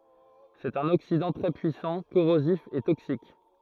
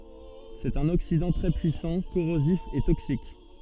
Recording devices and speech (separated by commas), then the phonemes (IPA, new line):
throat microphone, soft in-ear microphone, read sentence
sɛt œ̃n oksidɑ̃ tʁɛ pyisɑ̃ koʁozif e toksik